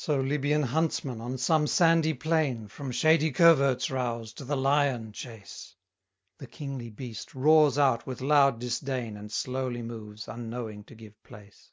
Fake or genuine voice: genuine